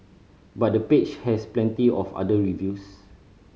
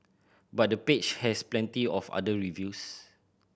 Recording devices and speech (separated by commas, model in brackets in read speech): mobile phone (Samsung C5010), boundary microphone (BM630), read sentence